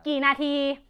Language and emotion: Thai, angry